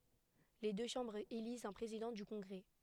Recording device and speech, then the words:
headset microphone, read sentence
Les deux chambres élisent un président du Congrès.

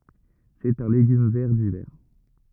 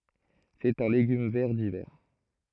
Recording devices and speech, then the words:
rigid in-ear microphone, throat microphone, read sentence
C’est un légume vert d’hiver.

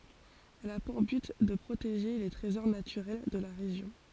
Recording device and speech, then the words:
forehead accelerometer, read sentence
Elle a pour but de protéger les trésors naturels de la région.

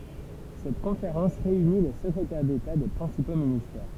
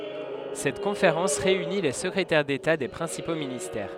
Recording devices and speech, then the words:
temple vibration pickup, headset microphone, read sentence
Cette conférence réunit les secrétaires d'État des principaux ministères.

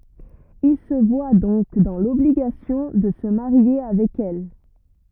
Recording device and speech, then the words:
rigid in-ear microphone, read sentence
Il se voit donc dans l’obligation de se marier avec elle.

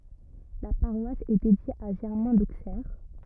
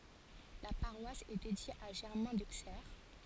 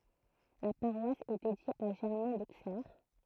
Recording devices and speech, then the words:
rigid in-ear microphone, forehead accelerometer, throat microphone, read sentence
La paroisse est dédiée à Germain d'Auxerre.

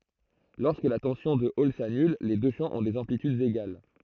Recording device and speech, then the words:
throat microphone, read sentence
Lorsque la tension de Hall s'annule, les deux champs ont des amplitudes égales.

